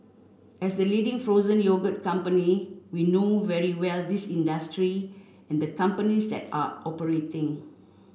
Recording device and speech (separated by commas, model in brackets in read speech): boundary microphone (BM630), read sentence